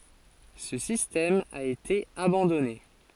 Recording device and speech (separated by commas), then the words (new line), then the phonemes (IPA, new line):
forehead accelerometer, read sentence
Ce système a été abandonné.
sə sistɛm a ete abɑ̃dɔne